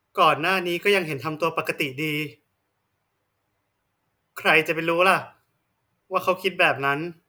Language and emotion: Thai, sad